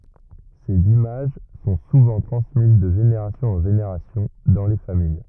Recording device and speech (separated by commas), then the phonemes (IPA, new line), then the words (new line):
rigid in-ear microphone, read sentence
sez imaʒ sɔ̃ suvɑ̃ tʁɑ̃smiz də ʒeneʁasjɔ̃z ɑ̃ ʒeneʁasjɔ̃ dɑ̃ le famij
Ces images sont souvent transmises de générations en générations dans les familles.